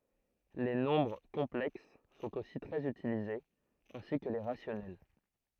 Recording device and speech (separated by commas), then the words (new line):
throat microphone, read sentence
Les nombres complexes sont aussi très utilisés, ainsi que les rationnels.